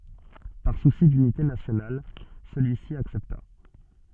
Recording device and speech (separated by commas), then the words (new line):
soft in-ear microphone, read sentence
Par souci d'unité nationale, celui-ci accepta.